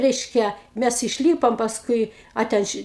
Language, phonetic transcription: Lithuanian, ˈreiškia ˈmæs išˈlypom pasˈkui ˈa ten ˈši

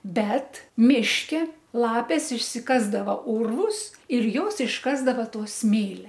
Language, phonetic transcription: Lithuanian, ˈbet ˈmiške ˈlapės išsiˈkasdava ˈurvus ir ˈjos išˈkasdava ˈto ˈsmėlia

